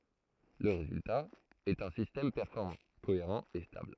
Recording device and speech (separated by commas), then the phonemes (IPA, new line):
throat microphone, read sentence
lə ʁezylta ɛt œ̃ sistɛm pɛʁfɔʁmɑ̃ koeʁɑ̃ e stabl